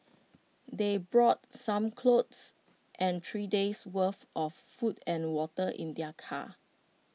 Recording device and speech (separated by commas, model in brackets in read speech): mobile phone (iPhone 6), read sentence